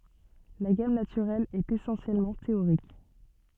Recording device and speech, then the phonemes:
soft in-ear microphone, read sentence
la ɡam natyʁɛl ɛt esɑ̃sjɛlmɑ̃ teoʁik

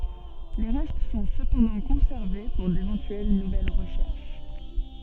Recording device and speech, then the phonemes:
soft in-ear microphone, read sentence
le ʁɛst sɔ̃ səpɑ̃dɑ̃ kɔ̃sɛʁve puʁ devɑ̃tyɛl nuvɛl ʁəʃɛʁʃ

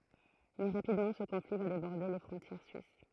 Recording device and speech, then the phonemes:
throat microphone, read sentence
mɛ ʁapidmɑ̃ sə kɔ̃fli va debɔʁde le fʁɔ̃tjɛʁ syis

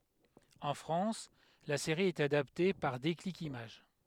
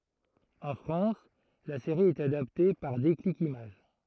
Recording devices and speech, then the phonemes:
headset microphone, throat microphone, read sentence
ɑ̃ fʁɑ̃s la seʁi ɛt adapte paʁ deklik imaʒ

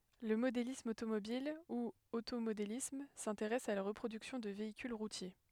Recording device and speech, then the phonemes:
headset microphone, read sentence
lə modelism otomobil u otomodelism sɛ̃teʁɛs a la ʁəpʁodyksjɔ̃ də veikyl ʁutje

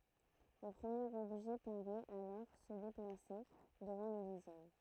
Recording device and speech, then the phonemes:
throat microphone, read sentence
lə pʁəmjeʁ ɔbʒɛ paʁɛt alɔʁ sə deplase dəvɑ̃ lə døzjɛm

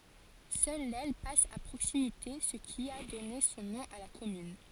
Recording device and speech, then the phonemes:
forehead accelerometer, read sentence
sœl lɛl pas a pʁoksimite sə ki a dɔne sɔ̃ nɔ̃ a la kɔmyn

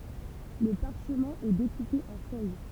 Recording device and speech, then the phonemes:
temple vibration pickup, read sentence
lə paʁʃmɛ̃ ɛ dekupe ɑ̃ fœj

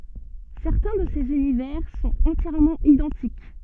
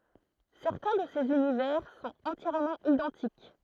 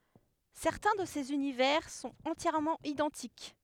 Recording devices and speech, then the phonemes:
soft in-ear microphone, throat microphone, headset microphone, read sentence
sɛʁtɛ̃ də sez ynivɛʁ sɔ̃t ɑ̃tjɛʁmɑ̃ idɑ̃tik

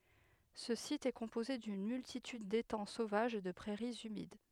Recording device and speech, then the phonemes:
headset microphone, read sentence
sə sit ɛ kɔ̃poze dyn myltityd detɑ̃ sovaʒz e də pʁɛʁiz ymid

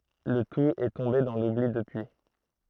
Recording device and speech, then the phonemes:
throat microphone, read sentence
lə tut ɛ tɔ̃be dɑ̃ lubli dəpyi

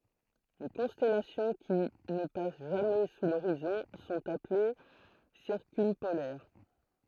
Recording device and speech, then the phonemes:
throat microphone, read sentence
le kɔ̃stɛlasjɔ̃ ki nə pas ʒamɛ su loʁizɔ̃ sɔ̃t aple siʁkœ̃polɛʁ

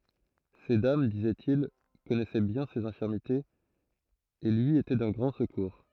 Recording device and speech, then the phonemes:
throat microphone, read sentence
se dam dizɛtil kɔnɛsɛ bjɛ̃ sez ɛ̃fiʁmitez e lyi etɛ dœ̃ ɡʁɑ̃ səkuʁ

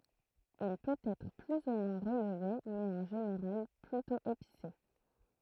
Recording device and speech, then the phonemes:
throat microphone, read sentence
il pøt ɛtʁ ply u mwɛ̃ ʁəlve mɛz ɑ̃ ʒeneʁal plytɔ̃ epise

